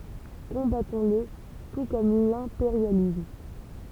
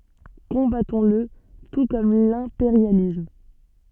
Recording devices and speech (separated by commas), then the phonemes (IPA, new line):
temple vibration pickup, soft in-ear microphone, read sentence
kɔ̃batɔ̃sl tu kɔm lɛ̃peʁjalism